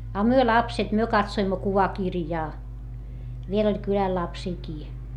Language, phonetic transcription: Finnish, a myö lapset myö katsoimmo kuvakirjaa , viel ‿oĺ kyläl lapsiikii .
- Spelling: a me lapset me katsoimme kuvakirjaa vielä oli kylällä lapsiakin

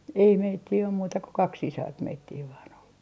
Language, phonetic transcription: Finnish, ei 'meittii om muuta ko "kak 'sisart 'meittii vaan ‿ol .
- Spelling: ei meitä ole muuta kuin kaksi sisarta meitä vain oli

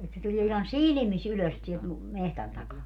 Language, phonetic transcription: Finnish, et se 'tuĺie ihan "silⁱmis 'ylös sielt mu- , 'mehtän takaa .
- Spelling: että se tulee ihan silmissä ylös sieltä - metsän takaa

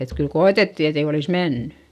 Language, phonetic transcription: Finnish, et kyl ko₍etetti etei olis mennY .
- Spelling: että kyllä koetettiin että ei olisi mennyt

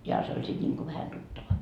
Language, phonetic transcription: Finnish, joha se oĺ 'sit ńiŋko vähä 'tuttava .
- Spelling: johan se oli sitten niin kuin vähän tuttava

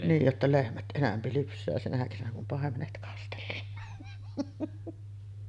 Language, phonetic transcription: Finnish, niij jotta 'lehmät "ˀenämpi lyps̆sää sinä kesänä kum 'pàemenet kastellaan .
- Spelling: niin jotta lehmät enemmän lypsää sinä kesänä kun paimenet kastellaan

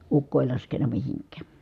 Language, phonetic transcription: Finnish, ukko èi laskeǹa mihiŋk̀ää .
- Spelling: ukko ei laskenut mihinkään

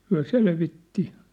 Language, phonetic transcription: Finnish, 'hyä "selvitti .
- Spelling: hän selvitti

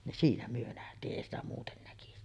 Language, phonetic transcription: Finnish, nin 'siinä myö nähtii’ '’èi ‿stä muuten näkisi .
- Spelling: niin siinä me nähtiin ei sitä muuten näkisi

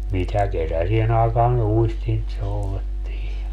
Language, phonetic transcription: Finnish, mitä 'kesäsien ‿àekaan 'uistint 'soulettiij ja ,.
- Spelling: mitä kesäiseen aikaan uistinta soudettiin ja

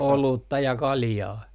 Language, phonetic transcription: Finnish, "olutta ja "kaljaa .
- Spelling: olutta ja kaljaa

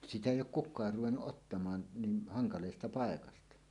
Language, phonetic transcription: Finnish, 'sitä 'èij̆j ‿ook "kuk̆kaar ruwennuˀ ˀottamaan 'niin haŋkaleesta 'paekasta .
- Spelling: sitä ei ole kukaan ruvennut ottamaan niin hankalasta paikasta

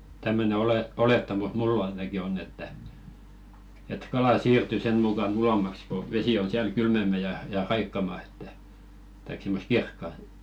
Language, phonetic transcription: Finnish, 'tämmöne ole- 'olettamus "mull ‿a§ḙnaki onn ‿että , et 'kalà "siirty sen mukan 'ulommaks ko , 'vesi on siäl "kylmemmä ja ja 'raikkama että , taik 'simmos "kirkkaʿˢᵗʾ .
- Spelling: tämmöinen - olettamus minulla ainakin on että että kala siirtyy sen mukana ulommaksi kun vesi on siellä kylmempää ja ja raikkaampaa että tai semmoista kirkasta

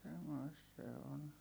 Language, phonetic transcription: Finnish, semmoist se on .
- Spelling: semmoista se on

